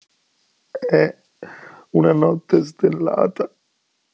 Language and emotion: Italian, sad